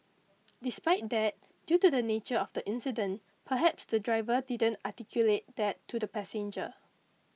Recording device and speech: mobile phone (iPhone 6), read sentence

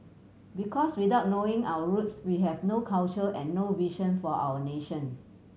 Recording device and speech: mobile phone (Samsung C7100), read sentence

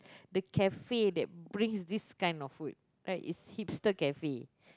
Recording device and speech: close-talking microphone, conversation in the same room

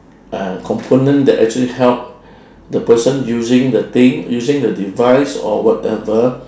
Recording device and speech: standing microphone, conversation in separate rooms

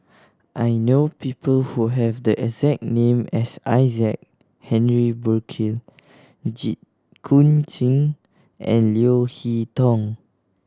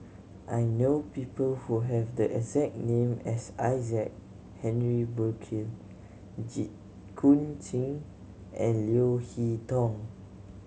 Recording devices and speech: standing microphone (AKG C214), mobile phone (Samsung C7100), read sentence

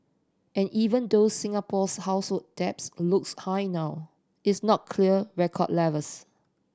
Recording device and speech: standing microphone (AKG C214), read sentence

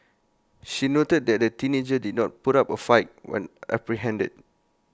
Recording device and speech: close-talking microphone (WH20), read sentence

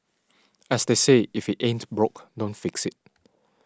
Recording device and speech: standing microphone (AKG C214), read sentence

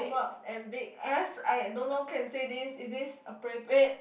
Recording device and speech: boundary microphone, conversation in the same room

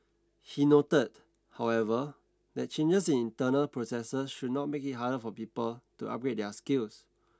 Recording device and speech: standing microphone (AKG C214), read sentence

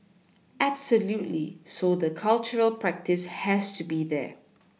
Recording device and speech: mobile phone (iPhone 6), read sentence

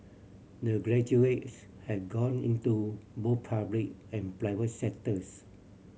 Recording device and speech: mobile phone (Samsung C7100), read sentence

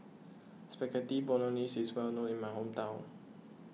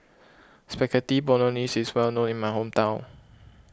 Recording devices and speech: mobile phone (iPhone 6), close-talking microphone (WH20), read sentence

